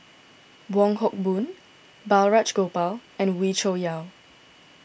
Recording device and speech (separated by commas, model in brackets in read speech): boundary microphone (BM630), read sentence